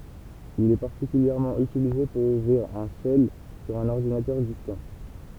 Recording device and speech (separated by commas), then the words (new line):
temple vibration pickup, read sentence
Il est particulièrement utilisé pour ouvrir un shell sur un ordinateur distant.